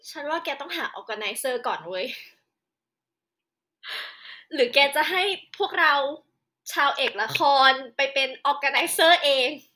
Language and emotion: Thai, happy